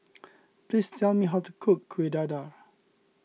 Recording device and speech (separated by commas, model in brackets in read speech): mobile phone (iPhone 6), read sentence